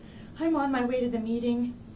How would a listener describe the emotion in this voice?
fearful